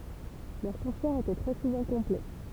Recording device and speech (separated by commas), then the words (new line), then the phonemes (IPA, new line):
temple vibration pickup, read sentence
Leurs concerts étaient très souvent complets.
lœʁ kɔ̃sɛʁz etɛ tʁɛ suvɑ̃ kɔ̃plɛ